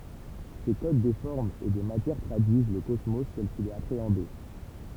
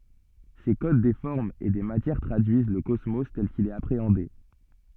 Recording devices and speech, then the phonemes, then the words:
temple vibration pickup, soft in-ear microphone, read sentence
se kod de fɔʁmz e de matjɛʁ tʁadyiz lə kɔsmo tɛl kil ɛt apʁeɑ̃de
Ces codes des formes et des matières traduisent le cosmos tel qu'il est appréhendé.

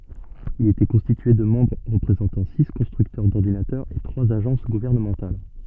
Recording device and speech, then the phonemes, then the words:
soft in-ear microphone, read sentence
il etɛ kɔ̃stitye də mɑ̃bʁ ʁəpʁezɑ̃tɑ̃ si kɔ̃stʁyktœʁ dɔʁdinatœʁz e tʁwaz aʒɑ̃s ɡuvɛʁnəmɑ̃tal
Il était constitué de membres représentant six constructeurs d'ordinateurs et trois agences gouvernementales.

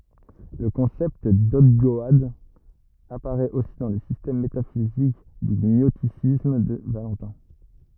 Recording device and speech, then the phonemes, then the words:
rigid in-ear microphone, read sentence
lə kɔ̃sɛpt dɔɡdɔad apaʁɛt osi dɑ̃ lə sistɛm metafizik dy ɲɔstisism də valɑ̃tɛ̃
Le concept d'ogdoade apparaît aussi dans le système métaphysique du gnosticisme de Valentin.

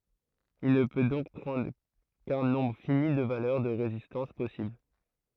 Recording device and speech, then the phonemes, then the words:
throat microphone, read sentence
il nə pø dɔ̃k pʁɑ̃dʁ kœ̃ nɔ̃bʁ fini də valœʁ də ʁezistɑ̃s pɔsibl
Il ne peut donc prendre qu'un nombre fini de valeurs de résistances possibles.

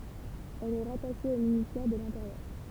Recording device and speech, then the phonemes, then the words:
temple vibration pickup, read sentence
ɛl ɛ ʁataʃe o ministɛʁ də lɛ̃teʁjœʁ
Elle est rattachée au ministère de l'Intérieur.

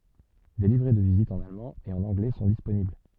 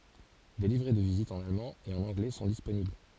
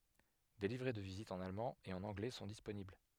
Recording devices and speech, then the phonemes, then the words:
soft in-ear microphone, forehead accelerometer, headset microphone, read sentence
de livʁɛ də vizit ɑ̃n almɑ̃ e ɑ̃n ɑ̃ɡlɛ sɔ̃ disponibl
Des livrets de visite en allemand et en anglais sont disponibles.

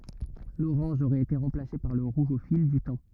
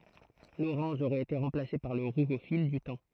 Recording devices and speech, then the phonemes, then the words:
rigid in-ear microphone, throat microphone, read sentence
loʁɑ̃ʒ oʁɛt ete ʁɑ̃plase paʁ lə ʁuʒ o fil dy tɑ̃
L'orange aurait été remplacé par le rouge au fil du temps.

